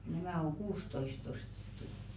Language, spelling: Finnish, nämä on kuusitoista ostettu
- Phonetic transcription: 'nämä oŋ "ɢuustoist ‿ostettu .

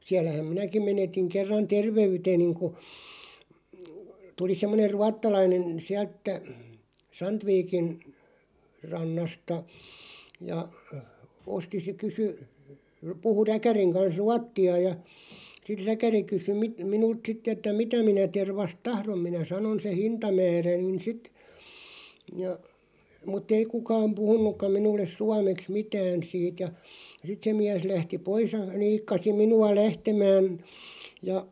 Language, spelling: Finnish, siellähän minäkin menetin kerran terveyteni kun tuli semmoinen ruotsalainen - sieltä Sandvikin rannasta ja osti se kysyi puhui räkärin kanssa ruotsia ja sitten räkäri kysyi - minulta sitten että mitä minä tervasta tahdon minä sanoin sen hintamääräni sitten ja mutta ei kukaan puhunutkaan minulle suomeksi mitään siitä ja sitten se mies lähti pois ja niikkasi minua lähtemään ja
- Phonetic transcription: 'siällähäm "minäkim 'menetiŋ 'kerran "terve₍yteniŋ ku , 'tuli 'semmoneʳ "ruattalainen , 'siält- -tä , "Santviikin , 'rannasta , ja , 'osti se 'kysy , 'puhu 'räkäriŋ kans "ruatti₍a ja , si(t) "räkäri kysy mⁱ- 'minult "sitᵗ ‿että 'mitä minä 'tervast "tahrom 'minä "sanon se "hinta'määränin 'sit , ja , mutᵗ ‿ei 'kukaam 'puhun̆nukkaᵐ 'minulles "suameks 'mitään siit ja , 'sit se miäs 'lähti "pois ja 'niikkasi 'minu₍a "lähtemään , ja ,.

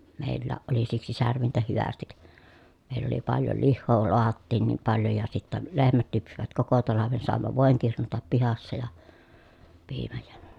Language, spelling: Finnish, meilläkin oli siksi särvintä hyvästi meillä oli paljon lihaa lahdattiin niin paljon ja sitten lehmät lypsivät koko talven saimme voin kirnuta pihassa ja piimän ja
- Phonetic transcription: mèillääʼ ʼoli siksi särvintä hyvästik , mèill ‿oli paljo lihhoo loahattiin niim paljo ja sittä , lehmät lypsivät koko talaven sàemma vòeŋ kirnutap pihassa ja , piimäj jÄ ,.

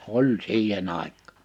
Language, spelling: Finnish, oli siihen aikaan
- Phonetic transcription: oĺ 'siihe'n ‿àik̆kÀ .

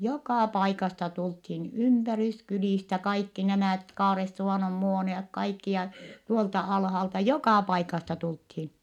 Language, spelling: Finnish, joka paikasta tultiin ympäryskylistä kaikki nämä Kaaresuvannon Muoniot kaikki ja tuolta alhaalta joka paikasta tultiin
- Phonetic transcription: jokà paikasta tulthin , ympäryskylìstä kaikki nämä̀t Kaaressuvànom Muoni₍ok kaikki ja , tuolta alhalta jokà paikasta tulthin .

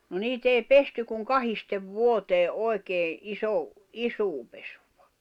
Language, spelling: Finnish, no niitä ei pesty kuin kahdesti vuoteen oikein - isoa pesua
- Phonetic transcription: no 'niit ‿ei "pesty kuŋ "kahistev "vuotee '’oi̬kee , 'iso- , "isuu pesᴜᴠᴀ .

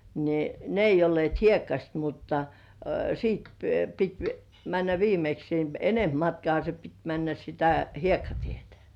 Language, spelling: Finnish, niin ne ei olleet hiekkaiset mutta sitten piti mennä viimeksi niin enempi matkaahan se piti mennä sitä hiekkatietä
- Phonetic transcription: ni , 'ne ei olli§èt "hiekkaśt mutta , siit , pit 'männä "viimeks ni , "enemp 'matkŏàha se pit 'männä sitä "hiekkatietᴀ̈ .

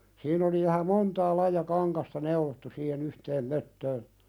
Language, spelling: Finnish, siinä oli vähän montaa lajia kangasta neulottu siihen yhteen möttöön
- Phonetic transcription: sin ‿oli vähä "montaa laija kaŋkasta 'neulottu siihen ‿yhteem 'möttöön ,.

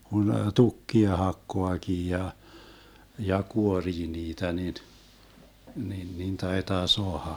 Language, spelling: Finnish, kun tukkia hakkaakin ja ja kuorii niitä niin niin niin taitaa saada
- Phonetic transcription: kun "tukkia 'hakkoakii ja , ja 'kuorii 'niitä nin , nin nin 'taitaa "soaha .

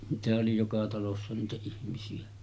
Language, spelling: Finnish, niitähän oli joka talossa niitä ihmisiä
- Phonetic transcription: niitähä’ ’oli joka talossa niitä 'ihmisi₍ä .

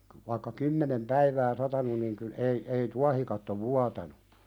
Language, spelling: Finnish, vaikka kymmenen päivää satanut niin kyllä ei ei tuohikatto vuotanut
- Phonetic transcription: va"ⁱkka 'kymmenem "päivää 'satanun niŋ kyl- 'ei ei "tuahikatto 'vuatanu .

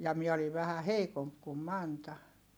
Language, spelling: Finnish, ja minä olin vähän heikompi kuin Manta
- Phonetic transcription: ja miɛ oliv̆ vähä heikomp kum Manta .

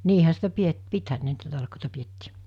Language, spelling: Finnish, niinhän sitä - pitihän ne niitä talkoita pidettiin
- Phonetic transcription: 'niihä sitä 'piet- , 'pithän ne niitä 'talkòita 'piettii .

